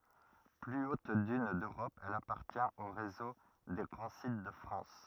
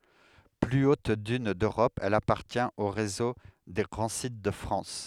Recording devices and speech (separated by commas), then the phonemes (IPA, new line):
rigid in-ear microphone, headset microphone, read sentence
ply ot dyn døʁɔp ɛl apaʁtjɛ̃t o ʁezo de ɡʁɑ̃ sit də fʁɑ̃s